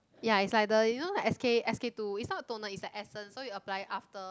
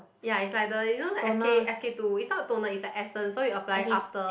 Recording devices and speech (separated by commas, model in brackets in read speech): close-talking microphone, boundary microphone, conversation in the same room